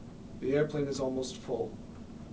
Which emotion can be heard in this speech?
neutral